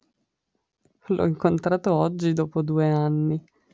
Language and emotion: Italian, sad